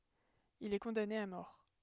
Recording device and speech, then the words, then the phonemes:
headset microphone, read sentence
Il est condamné à mort.
il ɛ kɔ̃dane a mɔʁ

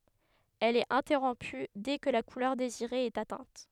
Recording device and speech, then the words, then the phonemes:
headset microphone, read sentence
Elle est interrompue dès que la couleur désirée est atteinte.
ɛl ɛt ɛ̃tɛʁɔ̃py dɛ kə la kulœʁ deziʁe ɛt atɛ̃t

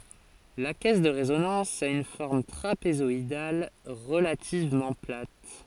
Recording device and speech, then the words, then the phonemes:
forehead accelerometer, read sentence
La caisse de résonance a une forme trapézoïdale, relativement plate.
la kɛs də ʁezonɑ̃s a yn fɔʁm tʁapezɔidal ʁəlativmɑ̃ plat

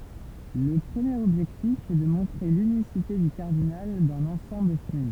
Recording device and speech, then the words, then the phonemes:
temple vibration pickup, read sentence
Le premier objectif est de montrer l'unicité du cardinal d'un ensemble fini.
lə pʁəmjeʁ ɔbʒɛktif ɛ də mɔ̃tʁe lynisite dy kaʁdinal dœ̃n ɑ̃sɑ̃bl fini

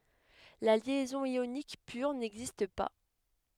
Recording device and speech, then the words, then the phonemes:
headset microphone, read sentence
La liaison ionique pure n'existe pas.
la ljɛzɔ̃ jonik pyʁ nɛɡzist pa

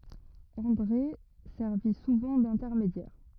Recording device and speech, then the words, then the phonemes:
rigid in-ear microphone, read sentence
André servit souvent d’intermédiaire.
ɑ̃dʁe sɛʁvi suvɑ̃ dɛ̃tɛʁmedjɛʁ

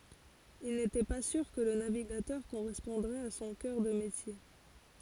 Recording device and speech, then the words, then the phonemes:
forehead accelerometer, read sentence
Il n'était pas sûr que le navigateur correspondrait à son cœur de métier.
il netɛ pa syʁ kə lə naviɡatœʁ koʁɛspɔ̃dʁɛt a sɔ̃ kœʁ də metje

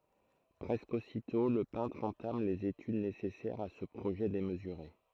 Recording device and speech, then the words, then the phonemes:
throat microphone, read sentence
Presque aussitôt, le peintre entame les études nécessaires à ce projet démesuré.
pʁɛskə ositɔ̃ lə pɛ̃tʁ ɑ̃tam lez etyd nesɛsɛʁz a sə pʁoʒɛ demzyʁe

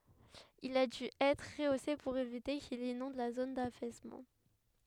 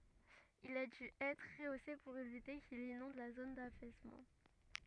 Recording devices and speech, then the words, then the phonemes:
headset microphone, rigid in-ear microphone, read sentence
Il a dû être rehaussé pour éviter qu'il inonde la zone d'affaissement.
il a dy ɛtʁ ʁəose puʁ evite kil inɔ̃d la zon dafɛsmɑ̃

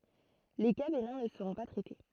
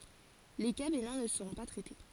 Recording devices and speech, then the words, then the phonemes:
throat microphone, forehead accelerometer, read sentence
Les cas bénins ne seront pas traités.
le ka benɛ̃ nə səʁɔ̃ pa tʁɛte

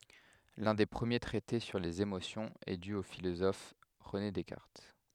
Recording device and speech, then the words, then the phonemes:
headset microphone, read sentence
L'un des premiers traités sur les émotions est dû au philosophe René Descartes.
lœ̃ de pʁəmje tʁɛte syʁ lez emosjɔ̃z ɛ dy o filozɔf ʁəne dɛskaʁt

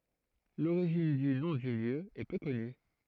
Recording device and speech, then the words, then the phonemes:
throat microphone, read sentence
L'origine du nom du lieu est peu connue.
loʁiʒin dy nɔ̃ dy ljø ɛ pø kɔny

